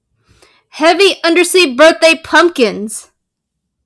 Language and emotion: English, fearful